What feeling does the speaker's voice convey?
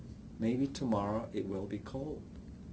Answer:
neutral